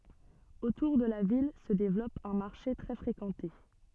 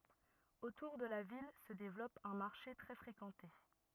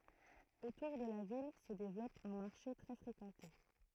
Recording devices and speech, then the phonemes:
soft in-ear microphone, rigid in-ear microphone, throat microphone, read sentence
otuʁ də la vil sə devlɔp œ̃ maʁʃe tʁɛ fʁekɑ̃te

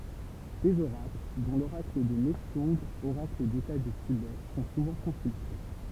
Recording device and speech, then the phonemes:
temple vibration pickup, read sentence
dez oʁakl dɔ̃ loʁakl də nɛʃœ̃ɡ oʁakl deta dy tibɛ sɔ̃ suvɑ̃ kɔ̃sylte

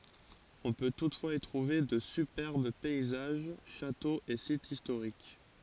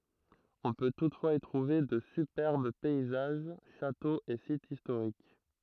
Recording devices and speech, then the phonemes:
forehead accelerometer, throat microphone, read sentence
ɔ̃ pø tutfwaz i tʁuve də sypɛʁb pɛizaʒ ʃatoz e sitz istoʁik

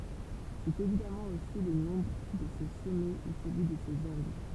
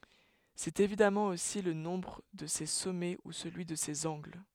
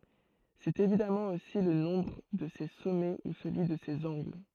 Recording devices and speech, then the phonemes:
temple vibration pickup, headset microphone, throat microphone, read sentence
sɛt evidamɑ̃ osi lə nɔ̃bʁ də se sɔmɛ u səlyi də sez ɑ̃ɡl

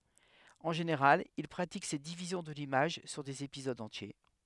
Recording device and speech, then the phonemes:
headset microphone, read sentence
ɑ̃ ʒeneʁal il pʁatik sɛt divizjɔ̃ də limaʒ syʁ dez epizodz ɑ̃tje

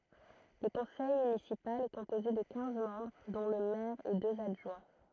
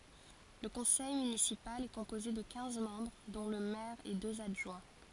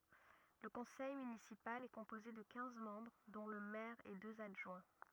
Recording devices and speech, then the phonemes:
throat microphone, forehead accelerometer, rigid in-ear microphone, read sentence
lə kɔ̃sɛj mynisipal ɛ kɔ̃poze də kɛ̃z mɑ̃bʁ dɔ̃ lə mɛʁ e døz adʒwɛ̃

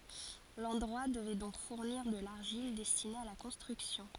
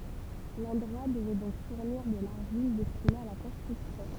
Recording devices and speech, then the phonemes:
forehead accelerometer, temple vibration pickup, read sentence
lɑ̃dʁwa dəvɛ dɔ̃k fuʁniʁ də laʁʒil dɛstine a la kɔ̃stʁyksjɔ̃

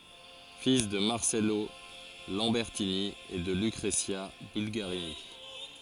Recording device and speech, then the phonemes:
forehead accelerometer, read sentence
fil də maʁsɛlo lɑ̃bɛʁtini e də lykʁəzja bylɡaʁini

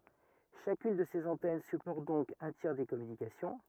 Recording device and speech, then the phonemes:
rigid in-ear microphone, read sentence
ʃakyn də sez ɑ̃tɛn sypɔʁt dɔ̃k œ̃ tjɛʁ de kɔmynikasjɔ̃

